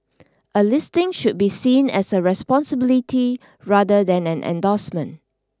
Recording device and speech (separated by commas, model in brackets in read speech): standing microphone (AKG C214), read sentence